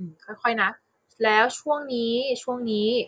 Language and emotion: Thai, neutral